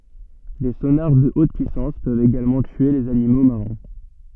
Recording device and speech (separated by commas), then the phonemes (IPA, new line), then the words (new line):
soft in-ear microphone, read sentence
de sonaʁ də ot pyisɑ̃s pøvt eɡalmɑ̃ tye lez animo maʁɛ̃
Des sonars de haute puissance peuvent également tuer les animaux marins.